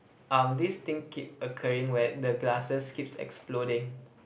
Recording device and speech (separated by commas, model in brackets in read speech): boundary microphone, conversation in the same room